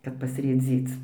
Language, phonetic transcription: Lithuanian, ˈkad pasrėˈdzyc

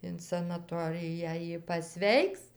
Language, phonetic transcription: Lithuanian, in sanaˈtoriją ˈji paˈsveiks

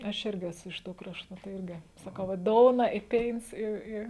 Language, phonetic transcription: Lithuanian, aš ˈirgi ˈesu iš ˈtų ˈkraštu tai ˈirgi saˈkau va ˈdouna i ˈpėins ˈi ˈi

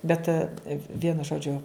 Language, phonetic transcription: Lithuanian, ˈbet ˈvienu ˈžodžiu

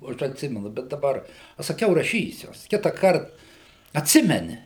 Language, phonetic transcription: Lithuanian, o ˈaš atˈsimenu ˈbet daˈbar aš saˈkiau raˈšysiu ˈkitąkart atˈsimeni

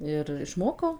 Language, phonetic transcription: Lithuanian, ir išˈmokau

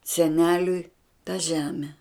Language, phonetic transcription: Lithuanian, seˈneliui ta ˈžeme

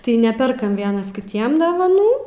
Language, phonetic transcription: Lithuanian, tai ˈneperkam ˈvienas kiˈtiem dovaˈnų

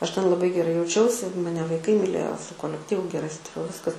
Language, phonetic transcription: Lithuanian, ˈaš ten laˈbai geˈrai jauˈčiausi maˈne vaiˈkai miˈlėjo su kolekˈtyvu geˈrai ˈsutariau ˈviskas

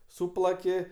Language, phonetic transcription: Lithuanian, ˈsūplaki

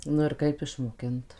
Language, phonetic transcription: Lithuanian, nu ir ˈkaip išmoˈkint

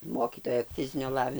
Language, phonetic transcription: Lithuanian, ˈmokytoja ˈfizinio ˈlavi

